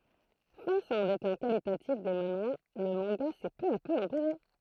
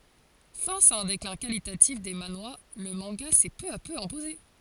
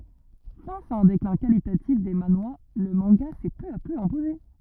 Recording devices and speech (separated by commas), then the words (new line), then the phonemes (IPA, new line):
throat microphone, forehead accelerometer, rigid in-ear microphone, read sentence
Face à un déclin qualitatif des manhwas, le manga s'est peu à peu imposé.
fas a œ̃ deklɛ̃ kalitatif de manwa lə mɑ̃ɡa sɛ pø a pø ɛ̃poze